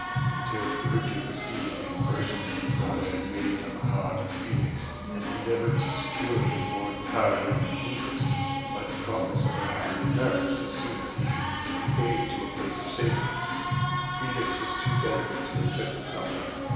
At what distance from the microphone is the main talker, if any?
1.7 m.